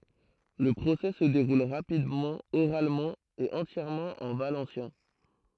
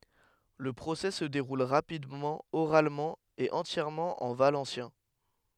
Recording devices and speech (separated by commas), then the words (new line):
throat microphone, headset microphone, read sentence
Le procès se déroule rapidement, oralement et entièrement en valencien.